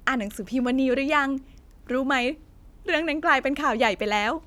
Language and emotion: Thai, happy